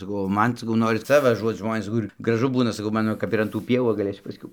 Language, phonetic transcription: Lithuanian, saˈkau o ˈman saˈkau ˈnoris ˈca vaˈžuot ˈžmonės ˈkur graˈžu ˈbūna saˈkau ˈmano ˈkap ir an tų ˈpievų va gaˈlėsiu pasˈkiau

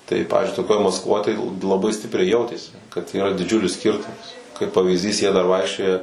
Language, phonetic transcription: Lithuanian, tai ˈpavyzdžiui toˈkioj maskˈvoj tai laˈbai ˈstipriai ˈjautėsi kad yˈra diˈdžiulis ˈskirtumas kaip pavyzˈdys jie dar ˈvaikščioja

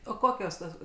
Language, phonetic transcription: Lithuanian, o ˈkokios tos

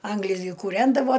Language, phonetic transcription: Lithuanian, ˈanglis gi kūˈrendavo

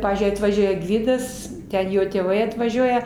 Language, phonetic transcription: Lithuanian, ˈpavyzdžiui atvaˈžiuoja ˈgvidas ˈten ˈjo tėˈvai atvaˈžiuoja

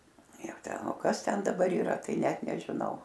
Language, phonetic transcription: Lithuanian, ˈjau ˈten o ˈkas ten daˈbar yˈra ˈtai ˈnet nežiˈnau

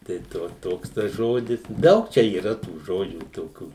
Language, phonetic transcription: Lithuanian, tai ˈto ˈtoks tas ˈžodis ˈdaug ˈčia yˈra tų ˈžodžių toˈkių

